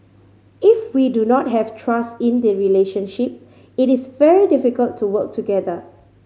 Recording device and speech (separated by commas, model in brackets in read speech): mobile phone (Samsung C5010), read sentence